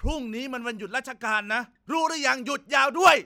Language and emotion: Thai, angry